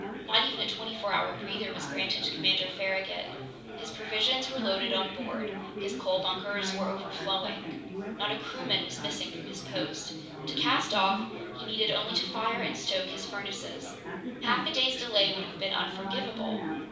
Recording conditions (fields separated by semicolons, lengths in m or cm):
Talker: one person; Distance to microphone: 5.8 m; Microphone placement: far; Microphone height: 1.8 m; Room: medium-sized (5.7 m by 4.0 m); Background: babble